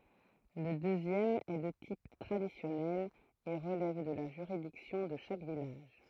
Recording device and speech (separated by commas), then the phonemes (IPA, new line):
throat microphone, read sentence
lə døzjɛm ɛ də tip tʁadisjɔnɛl e ʁəlɛv də la ʒyʁidiksjɔ̃ də ʃak vilaʒ